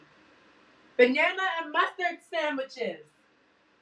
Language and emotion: English, neutral